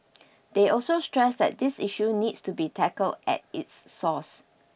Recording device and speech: boundary microphone (BM630), read sentence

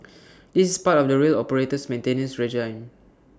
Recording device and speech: standing microphone (AKG C214), read sentence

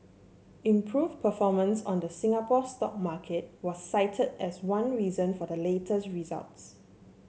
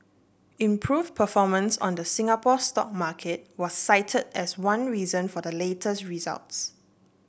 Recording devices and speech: mobile phone (Samsung C7), boundary microphone (BM630), read sentence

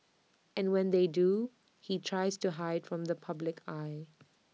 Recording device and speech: mobile phone (iPhone 6), read sentence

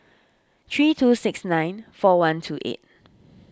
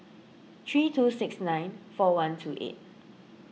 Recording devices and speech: standing microphone (AKG C214), mobile phone (iPhone 6), read sentence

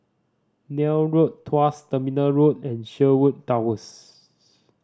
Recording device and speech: standing microphone (AKG C214), read sentence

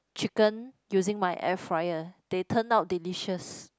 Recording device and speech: close-talking microphone, conversation in the same room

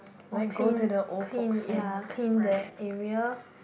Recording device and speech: boundary microphone, conversation in the same room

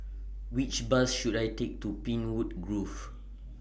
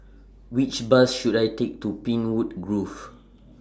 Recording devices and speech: boundary microphone (BM630), standing microphone (AKG C214), read sentence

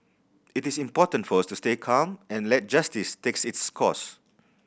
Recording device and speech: boundary microphone (BM630), read sentence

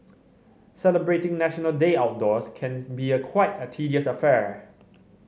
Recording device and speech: mobile phone (Samsung C7100), read sentence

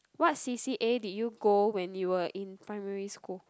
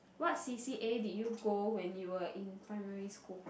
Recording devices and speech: close-talking microphone, boundary microphone, conversation in the same room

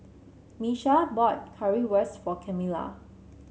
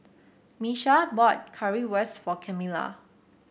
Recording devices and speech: mobile phone (Samsung C7), boundary microphone (BM630), read sentence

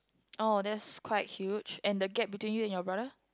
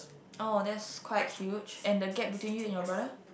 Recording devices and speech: close-talking microphone, boundary microphone, conversation in the same room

